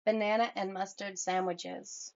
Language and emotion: English, neutral